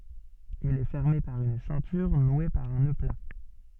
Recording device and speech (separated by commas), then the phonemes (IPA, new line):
soft in-ear microphone, read sentence
il ɛ fɛʁme paʁ yn sɛ̃tyʁ nwe paʁ œ̃ nø pla